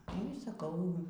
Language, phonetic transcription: Lithuanian, nu y saˈkau

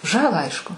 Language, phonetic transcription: Lithuanian, ˈžalą ˈaišku

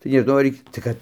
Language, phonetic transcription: Lithuanian, tai neˈžnau ar i tai ˈkad

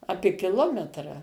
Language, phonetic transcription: Lithuanian, ˈapė kiˈlometra

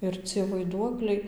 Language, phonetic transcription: Lithuanian, ir ˈcie vaiˈduokliai

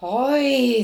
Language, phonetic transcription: Lithuanian, ˈoi

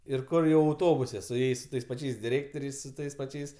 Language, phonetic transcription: Lithuanian, ir ˈkur jau auˈtobuse su ˈjais su ˈtais paˈčiais diˈrėktoriais su ˈtais paˈčiais

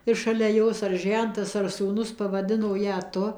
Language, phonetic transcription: Lithuanian, ir šalia ˈjos ar ˈžentas ar sūˈnus pavaˈdino ˈją ˈtu

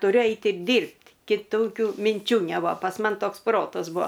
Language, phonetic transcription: Lithuanian, tuˈriu ˈeit' ir ˈdyrbt' kiˈtokiu minˈčių neˈbua pas ˈman ˈtoks ˈprotas ˈbuo

